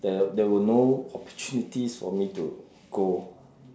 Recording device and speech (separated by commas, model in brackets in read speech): standing microphone, conversation in separate rooms